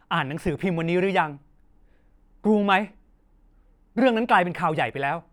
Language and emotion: Thai, angry